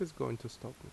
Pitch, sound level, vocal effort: 125 Hz, 75 dB SPL, soft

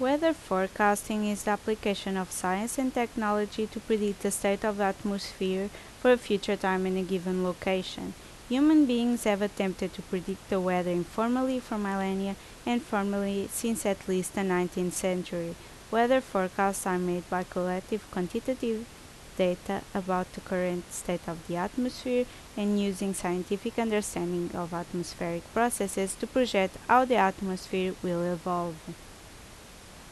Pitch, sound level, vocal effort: 195 Hz, 80 dB SPL, loud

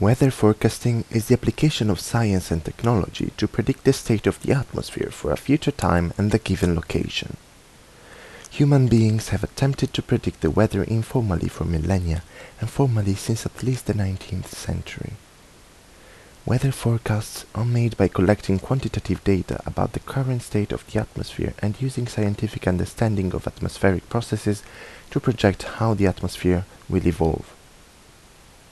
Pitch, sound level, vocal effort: 105 Hz, 76 dB SPL, soft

